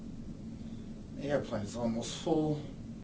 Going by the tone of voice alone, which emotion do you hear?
fearful